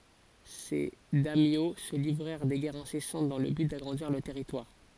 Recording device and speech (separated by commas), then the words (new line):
forehead accelerometer, read sentence
Ces daimyo se livrèrent des guerres incessantes dans le but d'agrandir leurs territoires.